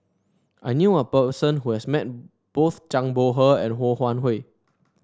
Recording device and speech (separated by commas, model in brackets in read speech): standing microphone (AKG C214), read sentence